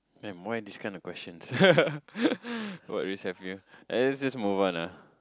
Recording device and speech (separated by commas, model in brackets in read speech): close-talking microphone, conversation in the same room